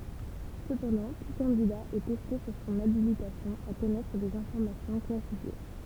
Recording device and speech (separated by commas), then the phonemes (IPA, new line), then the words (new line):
temple vibration pickup, read sentence
səpɑ̃dɑ̃ tu kɑ̃dida ɛ tɛste syʁ sɔ̃n abilitasjɔ̃ a kɔnɛtʁ dez ɛ̃fɔʁmasjɔ̃ klasifje
Cependant, tout candidat est testé sur son habilitation à connaître des informations classifiées.